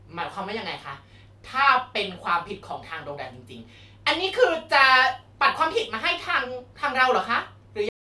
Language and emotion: Thai, angry